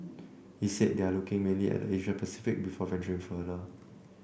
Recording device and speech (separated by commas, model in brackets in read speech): boundary microphone (BM630), read sentence